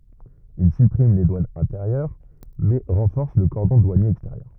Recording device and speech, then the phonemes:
rigid in-ear microphone, read sentence
il sypʁim le dwanz ɛ̃teʁjœʁ mɛ ʁɑ̃fɔʁs lə kɔʁdɔ̃ dwanje ɛksteʁjœʁ

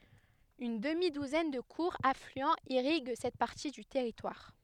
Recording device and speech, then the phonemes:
headset microphone, read sentence
yn dəmi duzɛn də kuʁz aflyɑ̃z iʁiɡ sɛt paʁti dy tɛʁitwaʁ

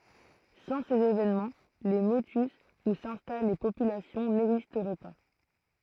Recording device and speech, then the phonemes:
throat microphone, read sentence
sɑ̃ sez evenmɑ̃ le motys u sɛ̃stal le popylasjɔ̃ nɛɡzistʁɛ pa

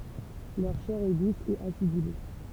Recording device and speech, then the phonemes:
temple vibration pickup, read sentence
lœʁ ʃɛʁ ɛ dus e asidyle

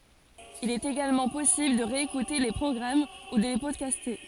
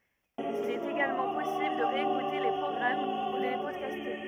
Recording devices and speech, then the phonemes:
forehead accelerometer, rigid in-ear microphone, read sentence
il ɛt eɡalmɑ̃ pɔsibl də ʁeekute le pʁɔɡʁam u də le pɔdkaste

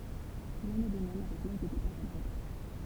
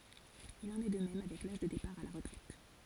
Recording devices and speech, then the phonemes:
temple vibration pickup, forehead accelerometer, read sentence
il ɑ̃n ɛ də mɛm avɛk laʒ də depaʁ a la ʁətʁɛt

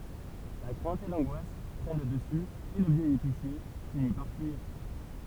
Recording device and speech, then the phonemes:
temple vibration pickup, read sentence
la kʁɛ̃t e lɑ̃ɡwas pʁɛn lə dəsy e lə vjɛj episje fini paʁ fyiʁ

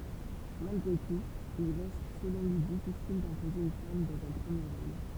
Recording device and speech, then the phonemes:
temple vibration pickup, read sentence
malɡʁe tut il ʁɛst səlɔ̃ lyi difisil dɛ̃poze yn fam dɑ̃z œ̃ pʁəmje ʁol

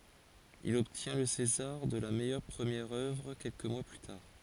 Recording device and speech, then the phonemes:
forehead accelerometer, read sentence
il ɔbtjɛ̃ lə sezaʁ də la mɛjœʁ pʁəmjɛʁ œvʁ kɛlkə mwa ply taʁ

